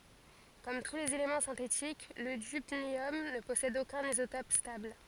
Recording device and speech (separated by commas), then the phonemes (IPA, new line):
forehead accelerometer, read sentence
kɔm tu lez elemɑ̃ sɛ̃tetik lə dybnjɔm nə pɔsɛd okœ̃n izotɔp stabl